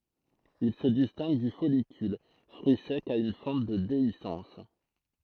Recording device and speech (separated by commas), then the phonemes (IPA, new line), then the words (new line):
throat microphone, read sentence
il sə distɛ̃ɡ dy fɔlikyl fʁyi sɛk a yn fɑ̃t də deisɑ̃s
Il se distingue du follicule, fruit sec à une fente de déhiscence.